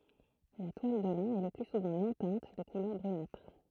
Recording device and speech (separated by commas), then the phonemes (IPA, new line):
throat microphone, read sentence
la twal də lɛ̃ ɛ lə ply suvɑ̃ nɔ̃ tɛ̃t də kulœʁ bʁynatʁ